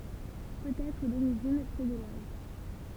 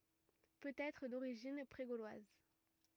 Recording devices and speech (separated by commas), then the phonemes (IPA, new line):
temple vibration pickup, rigid in-ear microphone, read sentence
pøt ɛtʁ doʁiʒin pʁe ɡolwaz